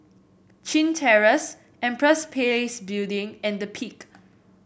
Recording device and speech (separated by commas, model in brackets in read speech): boundary microphone (BM630), read sentence